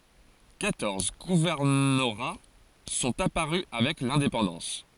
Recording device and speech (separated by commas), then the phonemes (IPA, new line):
forehead accelerometer, read sentence
kwatɔʁz ɡuvɛʁnoʁa sɔ̃t apaʁy avɛk lɛ̃depɑ̃dɑ̃s